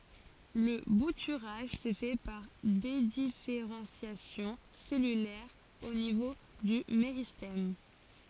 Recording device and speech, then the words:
forehead accelerometer, read sentence
Le bouturage se fait par dédifférenciation cellulaire au niveau du méristème.

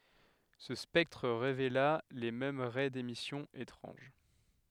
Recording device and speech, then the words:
headset microphone, read sentence
Ce spectre révéla les mêmes raies d’émission étranges.

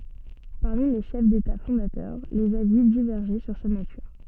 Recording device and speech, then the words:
soft in-ear microphone, read sentence
Parmi les chefs d'État fondateurs, les avis divergeaient sur sa nature.

